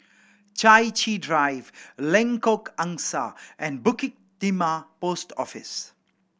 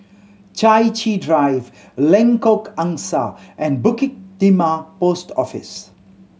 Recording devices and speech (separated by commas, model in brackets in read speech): boundary microphone (BM630), mobile phone (Samsung C7100), read sentence